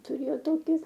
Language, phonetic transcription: Lithuanian, tuˈrėjo ˈtoki

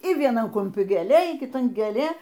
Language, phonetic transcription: Lithuanian, y vieˈnan kumˈpi gėˈlė y kiˈtan gėˈlė

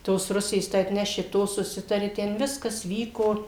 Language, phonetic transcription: Lithuanian, ˈtos ˈrusės tai atˈneši ˈto suˈsitari ˈten ˈviskas ˈvyko

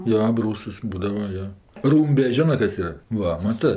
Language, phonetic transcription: Lithuanian, ˈjo aˈbrūsas ˈbūdava ˈjo ˈrūmbe ˈžionɜ ˈkas ˈyra ˈva maˈtɜ

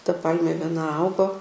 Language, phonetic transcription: Lithuanian, ta ˈpalmė vieˈna ˈaugo

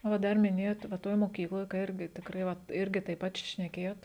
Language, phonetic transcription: Lithuanian, o ˈdar miˈnėjot va ˈtoj moˈkykloj ˈirgi tikˈrai ˈvat ˈirgi taip ˈpat š šnekėjot

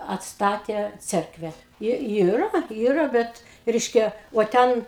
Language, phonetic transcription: Lithuanian, atsˈtatė ˈcerkve ˈji ˈyra ˈyra ˈbet ˈreiškia uo ˈten

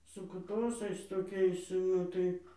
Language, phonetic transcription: Lithuanian, su kuˈtosais toˈkiais ˈnu tai

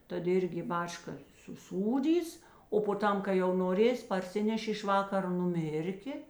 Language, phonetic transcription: Lithuanian, ˈtad ˈirgi i ˈbačka suˈsūdys o po ˈtam kai jau noˈrės' parˈsinešė iš ˈvakaro nuˈmirkė

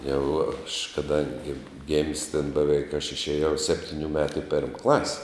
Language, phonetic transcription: Lithuanian, jau aš kaˈdangi gim's' ten beˈveik aš išėˈjau ˈseptiniu ˈmetu i ˈperm ˈklas'

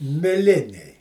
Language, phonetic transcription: Lithuanian, miˈliniai

